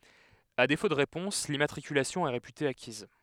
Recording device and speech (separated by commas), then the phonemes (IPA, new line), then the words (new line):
headset microphone, read sentence
a defo də ʁepɔ̃s limmatʁikylasjɔ̃ ɛ ʁepyte akiz
À défaut de réponse, l’immatriculation est réputée acquise.